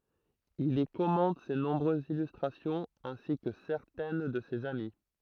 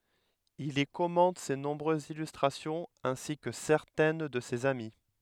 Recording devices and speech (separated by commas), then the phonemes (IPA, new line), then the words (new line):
throat microphone, headset microphone, read sentence
il i kɔmɑ̃t se nɔ̃bʁøzz ilystʁasjɔ̃z ɛ̃si kə sɛʁtɛn də sez ami
Il y commente ses nombreuses illustrations, ainsi que certaines de ses amis.